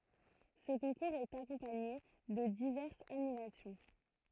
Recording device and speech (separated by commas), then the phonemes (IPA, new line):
throat microphone, read sentence
sə kɔ̃kuʁz ɛt akɔ̃paɲe də divɛʁsz animasjɔ̃